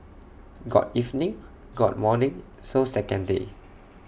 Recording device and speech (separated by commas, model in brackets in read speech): boundary microphone (BM630), read sentence